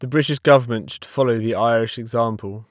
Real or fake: real